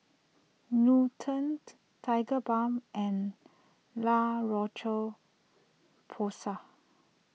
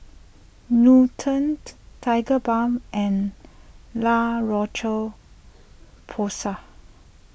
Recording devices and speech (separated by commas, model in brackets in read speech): mobile phone (iPhone 6), boundary microphone (BM630), read sentence